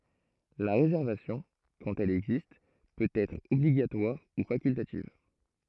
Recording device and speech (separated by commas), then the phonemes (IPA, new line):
throat microphone, read sentence
la ʁezɛʁvasjɔ̃ kɑ̃t ɛl ɛɡzist pøt ɛtʁ ɔbliɡatwaʁ u fakyltativ